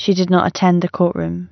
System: none